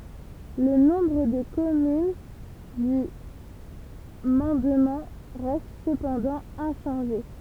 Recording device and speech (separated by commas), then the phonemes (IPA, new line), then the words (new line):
temple vibration pickup, read sentence
lə nɔ̃bʁ də kɔmyn dy mɑ̃dmɑ̃ ʁɛst səpɑ̃dɑ̃ ɛ̃ʃɑ̃ʒe
Le nombre de communes du mandement reste cependant inchangé.